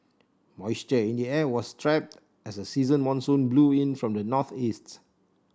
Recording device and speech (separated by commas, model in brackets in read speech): standing microphone (AKG C214), read sentence